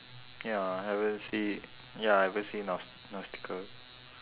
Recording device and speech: telephone, conversation in separate rooms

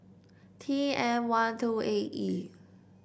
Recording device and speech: boundary microphone (BM630), read sentence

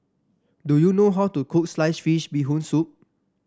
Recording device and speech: standing microphone (AKG C214), read sentence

